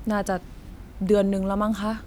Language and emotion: Thai, neutral